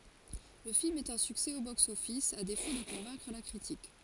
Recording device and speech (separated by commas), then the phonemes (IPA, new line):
forehead accelerometer, read sentence
lə film ɛt œ̃ syksɛ o boksɔfis a defo də kɔ̃vɛ̃kʁ la kʁitik